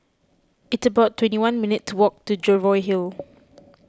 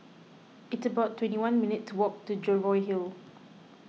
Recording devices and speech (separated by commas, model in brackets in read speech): close-talking microphone (WH20), mobile phone (iPhone 6), read sentence